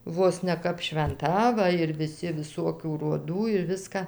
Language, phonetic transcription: Lithuanian, ˈvos ne ˈkap švenˈta ˈva ir viˈsi viˈsokių roˈdų ir ˈviska

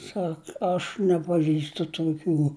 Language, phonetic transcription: Lithuanian, ˈsak aš nepaˈžįstu tuoˈkių

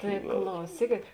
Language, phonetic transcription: Lithuanian, ˈtai klauˈsykėt

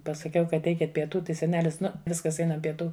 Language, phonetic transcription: Lithuanian, pasaˈkiau ˈkad ˈeikit pieˈtų ˈtai seˈnelis ˈnu ˈviskas ˈeinam pieˈtų

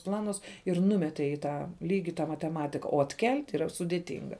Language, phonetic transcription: Lithuanian, ˈplanus ir ˈnumetė į ˈtą ˈlygi tą mateˈmatika o atˈkel't' yˈra sudėˈtinga

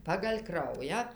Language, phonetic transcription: Lithuanian, pagal' ˈkraują

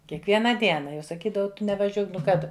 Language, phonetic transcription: Lithuanian, kiekˈviena ˈdiena jau saˈkydavau ˈtu nevaˈžiuok nu ˈką tu

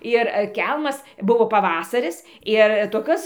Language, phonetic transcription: Lithuanian, ir ˈkelmas ˈbuvo paˈvasaris ir toˈkios

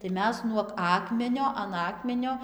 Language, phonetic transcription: Lithuanian, tai ˈmes nuog ˈakmenio an ˈakmenio

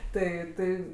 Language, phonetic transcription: Lithuanian, ˈtai ˈtai

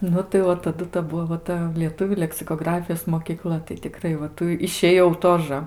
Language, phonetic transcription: Lithuanian, nu tai ˈva taˈdu ta ˈbuvo va ˈta lieˈtuvių leksikoˈgrafijos mokyˈkla tai tiˈkrai va ˈtų išėˈjau ˈtožə

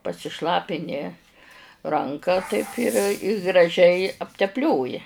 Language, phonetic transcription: Lithuanian, pasiˈšlapini ˈranka taip ir i graˈžiai aptepˈlioji

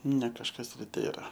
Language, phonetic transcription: Lithuanian, ne kažˈkas ir ˈtėra

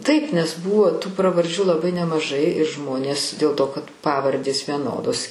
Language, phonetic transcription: Lithuanian, taip nes ˈbūvo tų pravarˈdžių laˈbai nemaˈžai ir ˈžmonės dėl ˈto kad ˈpavardės vieˈnodos

